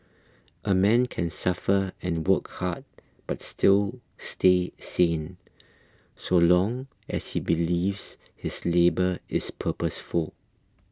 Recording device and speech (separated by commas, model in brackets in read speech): close-talking microphone (WH20), read sentence